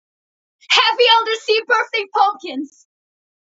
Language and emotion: English, fearful